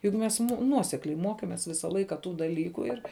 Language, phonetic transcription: Lithuanian, jug ˈmes ˈnuosekliai ˈmokėmės ˈvisa ˈlaika ˈtų daˈlyku ir

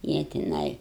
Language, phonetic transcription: Lithuanian, ˈjie tiˈnai

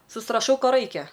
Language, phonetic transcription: Lithuanian, susraˈšau ˈko ˈraikia

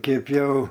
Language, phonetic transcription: Lithuanian, ˈkėp jau

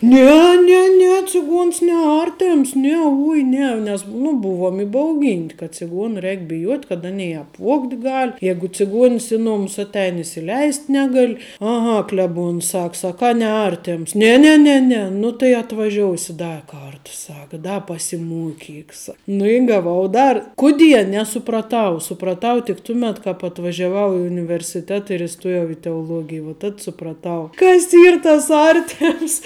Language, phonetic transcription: Lithuanian, ˈne ˈne ˈne ciˈguons ne ˈartems ˈne ˈuoj ne nes nu ˈbuvom ibauˈgynt' ka ciˈguona ˈreik biˈjuot' kad ˈanei i apˈvuogt' ˈgal' ˈjegu ciˈguons ˈi nomus ˈatˌein isiˈleist' ˈnegali aˈha kleˈbuons ˈsak saˈkā neˈartems ˈne ˈne ˈne ˈne ˈnu tai atvaˈžiousi ˈda ˈkarta ˈsak ˈda pasiˈmuokik sa ˈnu i gaˈvau ˈdar ˈkuˌdie nesupraˈtau supraˈtau tik ˈtuˌmet kap atvažiaˈvau i universiˈteta ir iˈstojau i teoˈlogij vuo ˈtad supraˈtau ˈkas ˈyr tas ˈartems

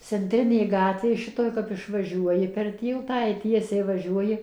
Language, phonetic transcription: Lithuanian, cenˈtrinė ˈgatvė ˈšitoj kap išvaˈžiuoji per ˈtyltą i ˈtiesiai vaˈžiuoji

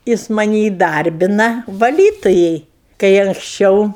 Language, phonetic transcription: Lithuanian, ˈjis maˈni įˈdarbina vaˈlytujai kai anksˈčiau

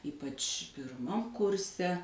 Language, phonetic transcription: Lithuanian, ˈypač pirˈmam ˈkurse

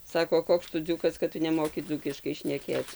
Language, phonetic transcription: Lithuanian, ˈsako ˈkoks tu ˈdzūkas kad ˈtu neˈmoki ˈdzūkiškai šneˈkėc

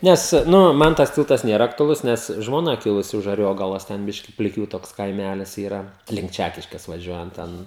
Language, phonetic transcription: Lithuanian, ˈnes ˈnu ˈman tas ˈtiltas ˈnėra aktuaˈlus ˈnes žmoˈna ˈkilusi už aˈriogalos ˈten ˈbiški pliˈkių ˈtoks kaiˈmælis yˈra link ˈčækiškės vaˈžiuojant ˈten

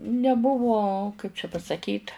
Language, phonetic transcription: Lithuanian, neˈbuvo ˈkaip čia pasaˈkyt

